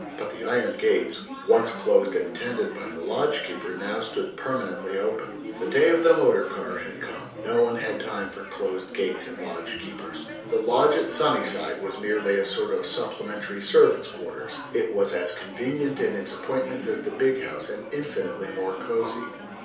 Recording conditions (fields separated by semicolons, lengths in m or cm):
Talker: one person; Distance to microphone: 3.0 m; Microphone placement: far; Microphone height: 1.8 m; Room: small (3.7 m by 2.7 m); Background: babble